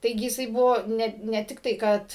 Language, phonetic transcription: Lithuanian, ˈtaigi jiˈsai ˈbuvo ˈne ne ˈtiktai ˈkad

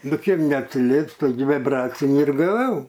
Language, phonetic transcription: Lithuanian, ˈnu ˈkėp neatsiˈlieps ˈtaigi viˈbracinį ir gaˈvau

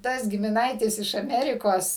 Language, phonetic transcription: Lithuanian, ˈtas gimiˈnaitis iš aˈmerikos

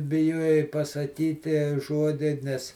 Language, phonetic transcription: Lithuanian, biˈjuojai pasaˈkytie ˈžuodi ˈnes

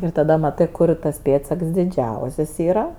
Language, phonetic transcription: Lithuanian, ir taˈda maˈtɜ ˈkur tas ˈpėdsaks diˈdžiausias ˈyra

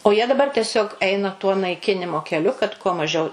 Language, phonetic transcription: Lithuanian, o jie daˈbar teˈsiog ˈeina tuo naiˈkinimo keˈliu kad kuo maˈžiau

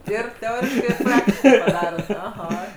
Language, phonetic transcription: Lithuanian, ˈir teˈoriškai ir ˈpraktiškai paˈdarot aˈha

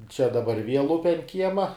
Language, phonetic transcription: Lithuanian, čia daˈbar viel ˈupe ant ˈkiema

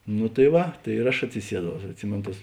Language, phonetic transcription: Lithuanian, nu tai ˈva tai ir ˈaš atsiˈsieˌdau aš atˈsimėn tas

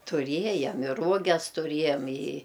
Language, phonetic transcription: Lithuanian, tuˈriejam ir ˈruoges tuˈriejam i

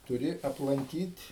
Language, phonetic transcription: Lithuanian, tuˈri aplanˈkyt'

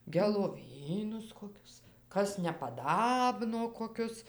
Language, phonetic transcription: Lithuanian, geloˈvynus koˈkius ˈkas nepaˈdabno koˈkius

